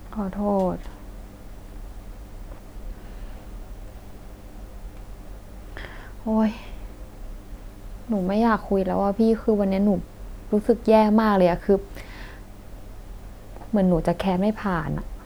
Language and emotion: Thai, sad